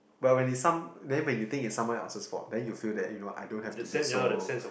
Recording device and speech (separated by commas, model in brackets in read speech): boundary microphone, conversation in the same room